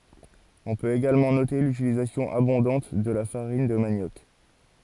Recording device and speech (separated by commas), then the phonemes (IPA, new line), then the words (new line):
forehead accelerometer, read sentence
ɔ̃ pøt eɡalmɑ̃ note lytilizasjɔ̃ abɔ̃dɑ̃t də la faʁin də manjɔk
On peut également noter l'utilisation abondante de la farine de manioc.